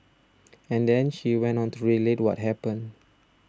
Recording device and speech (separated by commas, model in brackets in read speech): standing microphone (AKG C214), read sentence